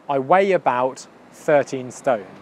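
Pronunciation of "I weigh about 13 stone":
'Weigh' and 'about' run together, with a y sound joining them: 'weigh-y-about'.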